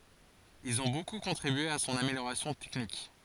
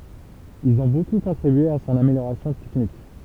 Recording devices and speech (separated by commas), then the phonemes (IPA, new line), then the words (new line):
forehead accelerometer, temple vibration pickup, read sentence
ilz ɔ̃ boku kɔ̃tʁibye a sɔ̃n ameljoʁasjɔ̃ tɛknik
Ils ont beaucoup contribué à son amélioration technique.